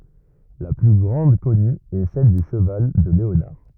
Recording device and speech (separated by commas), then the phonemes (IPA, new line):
rigid in-ear microphone, read sentence
la ply ɡʁɑ̃d kɔny ɛ sɛl dy ʃəval də leonaʁ